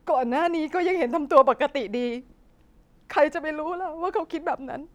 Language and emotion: Thai, sad